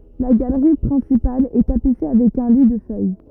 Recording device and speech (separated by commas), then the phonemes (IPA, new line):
rigid in-ear microphone, read sentence
la ɡalʁi pʁɛ̃sipal ɛ tapise avɛk œ̃ li də fœj